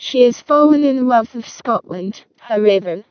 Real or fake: fake